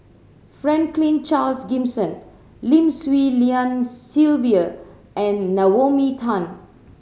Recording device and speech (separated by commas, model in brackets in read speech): mobile phone (Samsung C7100), read sentence